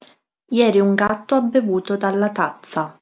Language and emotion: Italian, neutral